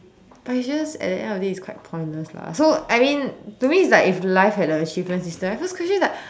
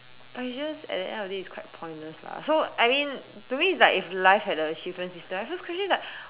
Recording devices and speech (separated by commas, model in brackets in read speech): standing microphone, telephone, conversation in separate rooms